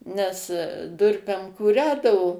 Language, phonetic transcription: Lithuanian, nes ˈdurpem kūˈrędavo

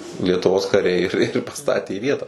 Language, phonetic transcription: Lithuanian, lietuˈvos kaˈriai ir ir paˈstatė i ˈvietą

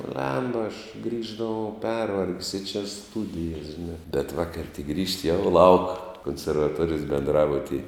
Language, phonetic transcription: Lithuanian, ˈblemba aš ˈgrįždavau ˈpervarg's' i čia ˈstudijas žiˈnā bet ˈvakar' tik ˈgrįžti jau lauk konservaˈtuorijos benˈdrabutyj

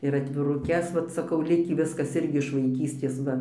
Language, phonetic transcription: Lithuanian, ir atviruˈkes ˈvat saˈkau ˈlikį ˈviskas ˈirgi iš vaiˈkystės ˈva

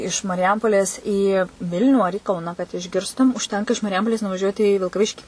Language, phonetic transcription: Lithuanian, iš mariˈjampolės į ˈvilnių ar į ˈkauna kad išˈgirstum užˈtenka iš mariˈjampolės nuvaˈžiuoti į vilkaˈviškį

